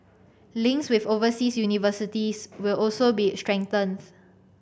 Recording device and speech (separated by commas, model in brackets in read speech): boundary microphone (BM630), read sentence